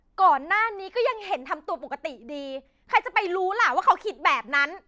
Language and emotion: Thai, angry